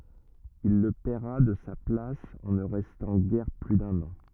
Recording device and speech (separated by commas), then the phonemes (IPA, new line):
rigid in-ear microphone, read sentence
il lə pɛʁa də sa plas ɑ̃ nə ʁɛstɑ̃ ɡɛʁ ply dœ̃n ɑ̃